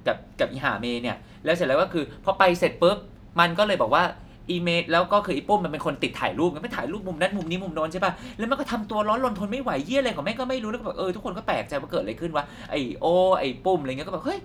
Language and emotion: Thai, neutral